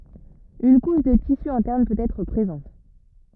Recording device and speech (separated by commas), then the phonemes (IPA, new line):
rigid in-ear microphone, read sentence
yn kuʃ də tisy ɛ̃tɛʁn pøt ɛtʁ pʁezɑ̃t